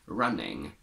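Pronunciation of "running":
In 'running', the ending is said as ing, not as ung with a schwa.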